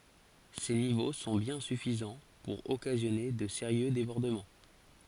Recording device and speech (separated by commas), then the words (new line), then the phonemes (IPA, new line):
forehead accelerometer, read sentence
Ces niveaux sont bien suffisants pour occasionner de sérieux débordements.
se nivo sɔ̃ bjɛ̃ syfizɑ̃ puʁ ɔkazjɔne də seʁjø debɔʁdəmɑ̃